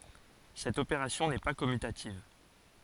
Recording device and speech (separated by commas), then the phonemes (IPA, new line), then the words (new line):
forehead accelerometer, read sentence
sɛt opeʁasjɔ̃ nɛ pa kɔmytativ
Cette opération n'est pas commutative.